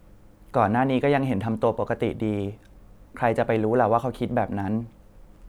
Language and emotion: Thai, neutral